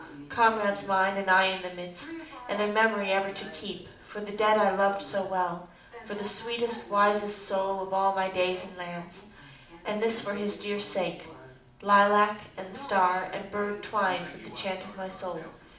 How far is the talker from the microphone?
2.0 m.